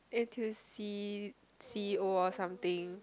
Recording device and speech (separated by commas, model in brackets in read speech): close-talking microphone, conversation in the same room